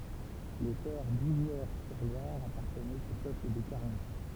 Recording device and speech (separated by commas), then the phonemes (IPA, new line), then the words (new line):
temple vibration pickup, read sentence
le tɛʁ duzwɛʁsyʁlwaʁ apaʁtənɛt o pøpl de kaʁnyt
Les terres d'Ouzouer-sur-Loire appartenaient au peuple des Carnutes.